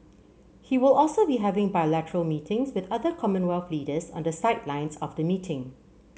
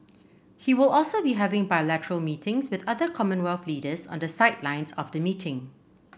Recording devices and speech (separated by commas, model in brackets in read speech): mobile phone (Samsung C7), boundary microphone (BM630), read sentence